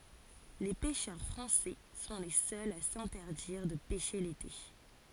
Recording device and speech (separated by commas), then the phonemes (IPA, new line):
forehead accelerometer, read sentence
le pɛʃœʁ fʁɑ̃sɛ sɔ̃ le sœlz a sɛ̃tɛʁdiʁ də pɛʃe lete